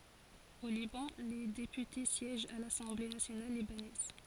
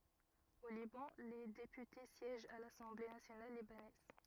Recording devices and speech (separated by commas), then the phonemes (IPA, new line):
forehead accelerometer, rigid in-ear microphone, read sentence
o libɑ̃ le depyte sjɛʒt a lasɑ̃ble nasjonal libanɛz